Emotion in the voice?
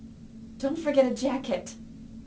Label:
fearful